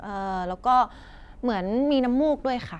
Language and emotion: Thai, neutral